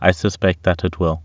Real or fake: real